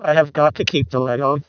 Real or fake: fake